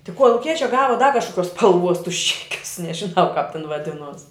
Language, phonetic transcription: Lithuanian, ti koluˈkiečia ˈgava da kažkoˈkiuos spalˈvuos tus ˈčekius nežiˈnau kāp ten vaˈdinuos

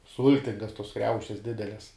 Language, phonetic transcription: Lithuanian, ˈsultingas tos ˈkriaušes ˈdideles

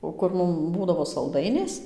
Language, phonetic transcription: Lithuanian, o ˈkur ˈmum ˈbūdavo salˈdainės

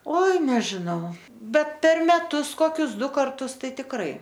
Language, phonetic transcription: Lithuanian, ˈoi nežiˈnau ˈbet ˈper meˈtus ˈkokius ˈdu karˈtus ˈtai tikˈrai

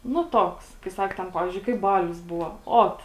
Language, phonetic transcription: Lithuanian, nu ˈtoks kai ˈsak ten ˈpavizdžiui kaip ˈbalius ˈbuvo ˈot

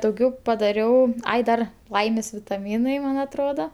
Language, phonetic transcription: Lithuanian, dauˈgiau paˈdariau ˈai ˈdar ˈlaimės vitaˈmynai ˈman atˈrodo

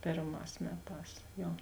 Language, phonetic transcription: Lithuanian, ˈpėrˌmās ˈmeˌtās ˈjo

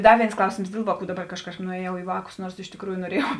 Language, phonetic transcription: Lithuanian, ˈda ˈvėins ˈklausėms ˈdėl vāˌkų daˈbar ˈkaž ˈkažkap nueˈjau į ˈvākus ˈnuors iš tikˈrųju noˈrėjau

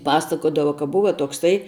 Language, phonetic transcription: Lithuanian, ˈpasakodava ka ˈbuva tokˈsai

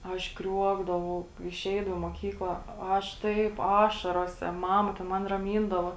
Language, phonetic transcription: Lithuanian, ˈaš ˈkriuokdavau iˈšeidava i muoˈkykla o ˈaš ˈtaip ˈašarose ˈmama ten ˈman raˈmyndavo

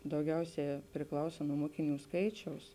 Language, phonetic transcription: Lithuanian, dauˈgiauˌsiā priˈklausa nuo ˈmokiˌnių ˈskaičiaus

